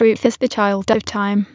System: TTS, waveform concatenation